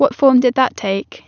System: none